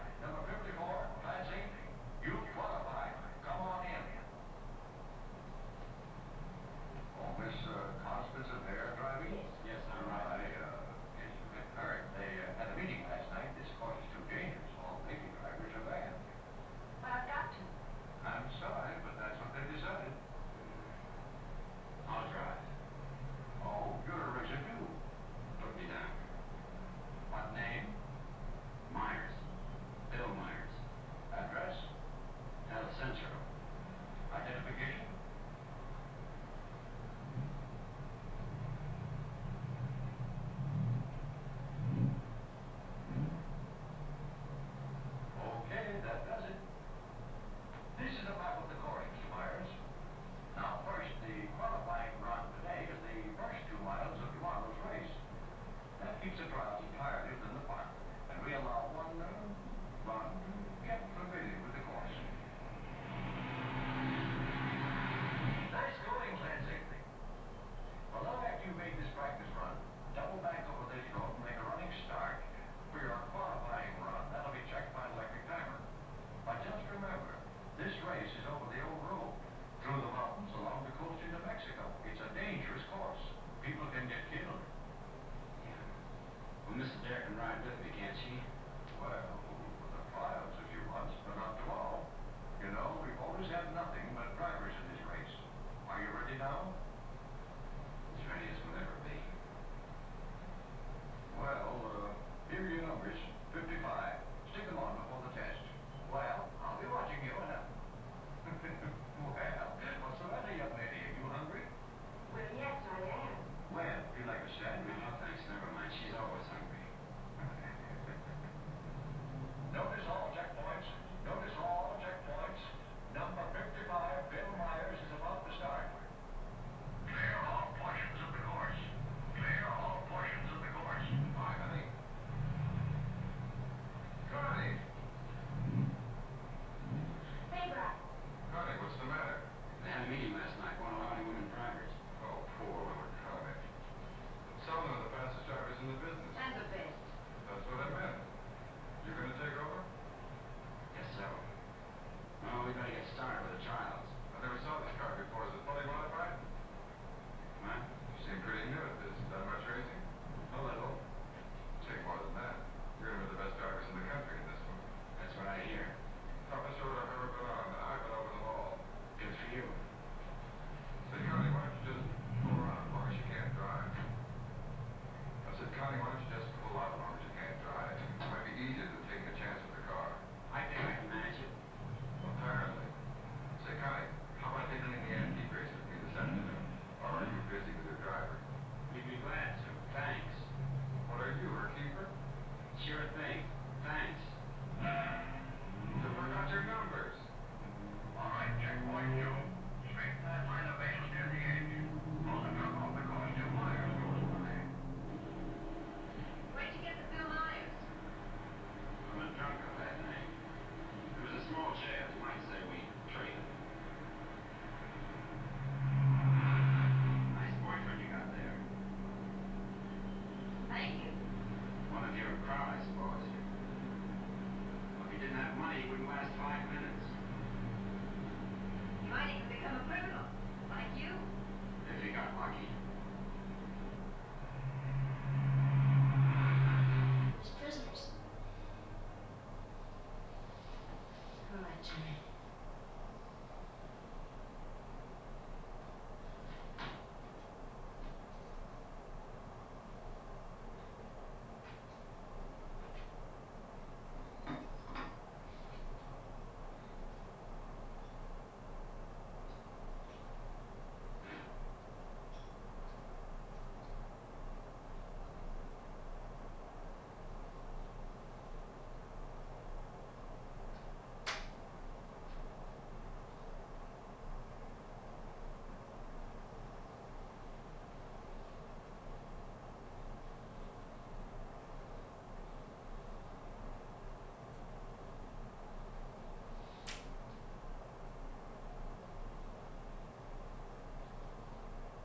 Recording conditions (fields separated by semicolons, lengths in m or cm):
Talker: no one; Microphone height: 1.1 m; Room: small (3.7 m by 2.7 m); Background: television